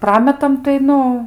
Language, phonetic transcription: Lithuanian, ˈprametam tai ˈnu

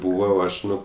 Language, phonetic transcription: Lithuanian, ˈbūva o ˈaš ˈnu

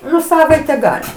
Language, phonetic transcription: Lithuanian, ˈnu ˈsavaite ˈgali

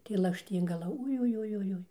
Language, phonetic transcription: Lithuanian, tai lakšˈtyngala ujujujuˈjui

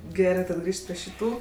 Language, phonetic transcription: Lithuanian, ˈgerɜ tad ˈgrįžt pri šiˈtų

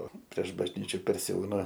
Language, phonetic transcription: Lithuanian, o prieš bažˈnyčiu persiˈauna

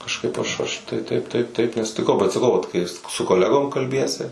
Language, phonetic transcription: Lithuanian, kažˈkaip aš ˈaš tai ˈtaip ˈtaip ˈtaip nesutiˈkau bet saˈkau ˈvat kai ˈjis su koˈlegom kalˈbiesi

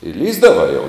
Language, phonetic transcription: Lithuanian, i ˈlįsdavai jau

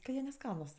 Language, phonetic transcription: Lithuanian, ka ˈjie neˈskanus

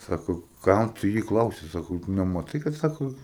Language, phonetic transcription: Lithuanian, ˈsako ˈkam tu ˈjį ˈklausi ˈsako tu nemaˈtai kad ˈsako

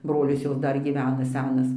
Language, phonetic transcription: Lithuanian, ˈbrolis ˈjos ˈdar gyˈvena ˈsenas

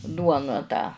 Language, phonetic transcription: Lithuanian, ˈduona tą

